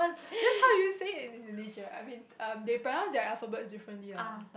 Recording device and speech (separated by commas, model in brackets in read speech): boundary microphone, conversation in the same room